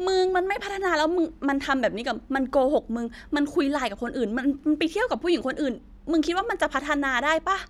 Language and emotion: Thai, angry